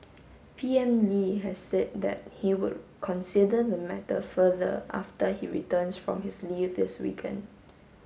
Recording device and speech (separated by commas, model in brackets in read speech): mobile phone (Samsung S8), read sentence